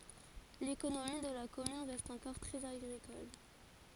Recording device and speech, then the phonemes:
forehead accelerometer, read sentence
lekonomi də la kɔmyn ʁɛst ɑ̃kɔʁ tʁɛz aɡʁikɔl

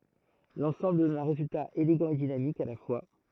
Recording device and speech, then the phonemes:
throat microphone, read sentence
lɑ̃sɑ̃bl dɔn œ̃ ʁezylta eleɡɑ̃ e dinamik a la fwa

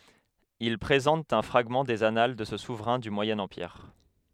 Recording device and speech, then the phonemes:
headset microphone, read sentence
il pʁezɑ̃tt œ̃ fʁaɡmɑ̃ dez anal də sə suvʁɛ̃ dy mwajɛ̃ ɑ̃piʁ

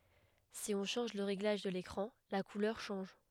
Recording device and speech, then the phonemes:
headset microphone, read sentence
si ɔ̃ ʃɑ̃ʒ lə ʁeɡlaʒ də lekʁɑ̃ la kulœʁ ʃɑ̃ʒ

